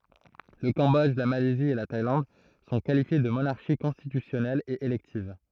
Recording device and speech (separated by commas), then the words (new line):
throat microphone, read sentence
Le Cambodge, la Malaisie et la Thaïlande sont qualifiées de monarchies constitutionnelles et électives.